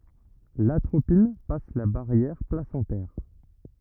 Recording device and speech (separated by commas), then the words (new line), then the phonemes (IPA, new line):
rigid in-ear microphone, read sentence
L'atropine passe la barrière placentaire.
latʁopin pas la baʁjɛʁ plasɑ̃tɛʁ